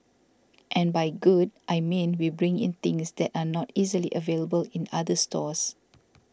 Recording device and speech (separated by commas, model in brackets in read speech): standing microphone (AKG C214), read sentence